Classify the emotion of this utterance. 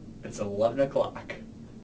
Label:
neutral